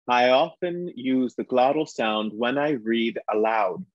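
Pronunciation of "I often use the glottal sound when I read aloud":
The sentence is said mostly without the glottal sound, using easy onset, so there is no explosion from the vocal folds. A little glottal sound still slips in at the end.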